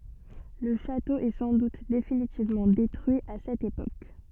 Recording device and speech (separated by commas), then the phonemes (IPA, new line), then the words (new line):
soft in-ear microphone, read sentence
lə ʃato ɛ sɑ̃ dut definitivmɑ̃ detʁyi a sɛt epok
Le château est sans doute définitivement détruit à cette époque.